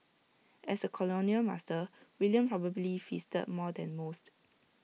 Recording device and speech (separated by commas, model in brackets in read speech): mobile phone (iPhone 6), read sentence